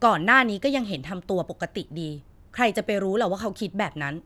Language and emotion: Thai, frustrated